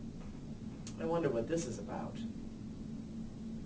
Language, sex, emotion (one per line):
English
female
neutral